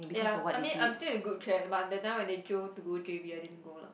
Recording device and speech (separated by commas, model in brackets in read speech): boundary microphone, conversation in the same room